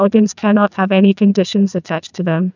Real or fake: fake